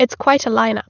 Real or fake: real